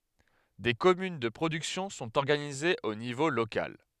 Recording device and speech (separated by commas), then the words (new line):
headset microphone, read sentence
Des communes de production sont organisées au niveau local.